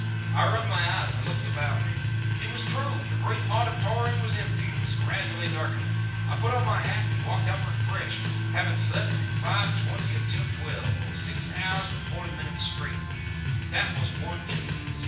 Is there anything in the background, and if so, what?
Music.